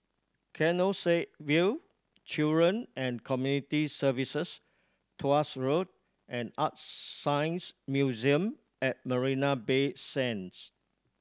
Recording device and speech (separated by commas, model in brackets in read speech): standing microphone (AKG C214), read sentence